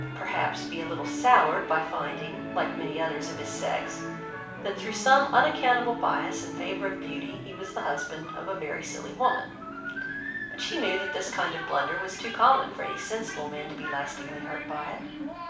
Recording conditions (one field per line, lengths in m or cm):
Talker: one person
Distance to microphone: 5.8 m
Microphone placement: far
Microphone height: 1.8 m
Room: medium-sized (5.7 m by 4.0 m)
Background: television